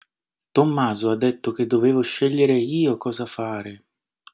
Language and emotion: Italian, surprised